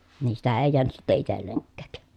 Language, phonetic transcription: Finnish, nii sitä èi̮ jeänyt sitte itelleŋkkä̀k .
- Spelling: niin sitä ei jäänyt sitten itsellekään

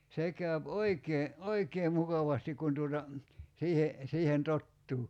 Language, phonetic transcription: Finnish, 'se k̀äyp 'oikee , "oikee 'mukavastik kun tuota , 'siihe , siihen 'tottuu .
- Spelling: se käy oikein oikein mukavasti kun tuota siihen siihen tottuu

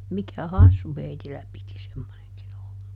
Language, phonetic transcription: Finnish, mikä "hassu ˈheitillä piti ˈsemmoneŋkin ‿olla .
- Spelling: mikä hassu heillä piti semmoinenkin olla

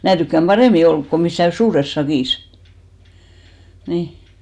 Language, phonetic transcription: Finnish, 'mää tykkäm 'ʙarèmi 'olk ko missä̀ "suures 'sakìs , 'nì .
- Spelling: minä tykkään paremmin olla kun missään suuressa sakissa niin

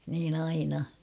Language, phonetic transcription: Finnish, niin ‿'aina .
- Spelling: niin aina

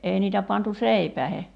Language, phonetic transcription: Finnish, '’èi niitä pantu "seipäehe .
- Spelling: ei niitä pantu seipäisiin

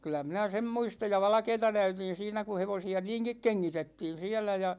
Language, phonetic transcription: Finnish, kyl̆lä 'minä "sem 'muistaj ja "valᵃkeeta 'näytin̬ siinä ku 'hevosi₍a "niiŋkik 'keŋŋitettiin̬ 'siälä ja .
- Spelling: kyllä minä sen muistan ja valkeata näytin siinä kun hevosia niinkin kengitettiin siellä ja

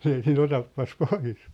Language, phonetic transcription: Finnish, 'ei sii"n ‿otappas "pois !
- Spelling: ei siinä otapas pois

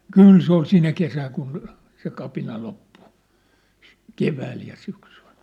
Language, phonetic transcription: Finnish, kỳl se ‿ol 'sinä kesääŋ kun , se 'kapina 'loppu , "kevääl ja syksyʟ .
- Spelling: kyllä se oli sinä kesänä kun se kapina loppui keväällä ja syksyllä

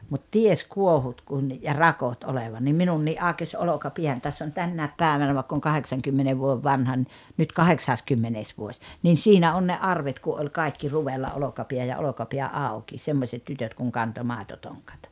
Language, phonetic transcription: Finnish, mut "ties "kuohut kun , ja "rakot 'oleva nim 'minunnii’ "’àokes 'oloka"piän täss ‿on 'tännä̀ep "pä̀evänä vaekk ‿oŋ "kaheksaŋkymmene vuoᵉv 'vanha ni , nyt "kaheksaskymmenees vuoś , nin̬ 'siinä 'on ne "arvet ku ’oĺ 'kàikki 'ruvella 'olokapiä ja 'olokapiä "àu̬ki , 'semmośet 'tytöt kuŋ 'kanto 'màetotoŋkᴀt .
- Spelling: mutta tiesi kuohut kun ja rakot olevan niin minunkin aukesi olkapääni tässä on tänä päivänä vaikka olen kahdeksankymmenen vuoden vanha niin nyt kahdeksaskymmenes vuosi niin siinä on ne arvet kun oli kaikki ruvella olkapää ja olkapää auki semmoiset tytöt kun kantoi maitotonkat

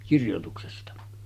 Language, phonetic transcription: Finnish, 'kirjotuksesta .
- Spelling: kirjoituksesta

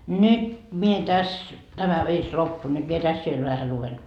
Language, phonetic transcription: Finnish, "nyt , mie 'täs , 'tämä virs "loppu nyt mie 'täs viel vähä 'luven .
- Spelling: nyt minä tässä tämä virsi loppui nyt minä tässä vielä vähän luen

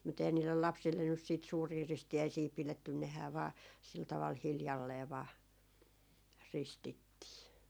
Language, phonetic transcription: Finnish, mut 'ehän 'niillel "lapsillen nys siit 'suurii "risti₍äisii 'pilettyn nehää vaa , sil taval 'hiljallee vaa , 'ristittii .
- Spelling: mutta eihän niille lapsille nyt sitten suuria ristiäisiä pidetty nehän vain sillä tavalla hiljalleen vain ristittiin

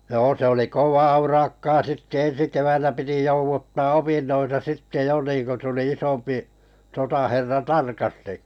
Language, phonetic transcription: Finnish, 'joo se oli "kovaa urakkaa 'sitte "ensi 'kevännä 'piti 'jouvuttaa "opinnoita sitte 'jo niiŋko tuli 'isompi , 'sotaherra "tarkasti .
- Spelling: joo se oli kovaa urakkaa sitten ensi keväänä piti jouduttaa opintoja sitten jo niin kun tuli isompi sotaherra tarkasti

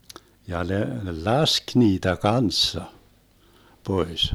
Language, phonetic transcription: Finnish, ja ne , "lask 'niitä "kanssa , 'pois .
- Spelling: ja ne laski niitä kanssa pois

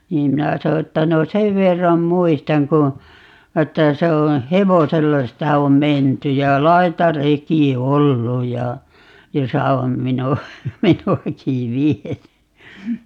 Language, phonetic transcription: Finnish, 'niim 'minä 'so että » 'no "sev 'verram "muistaŋ ku , 'että 'se o , "hevosella 'sitä om "menty ja "laitareki "ollu ja , 'josa om 'minu₍a , "minu₍akì "viety » .
- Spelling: niin minä sanoin että no sen verran muistan kun että se on hevosella sitä on menty ja laitareki ollut ja jossa on minua minuakin viety

